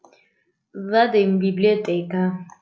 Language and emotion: Italian, disgusted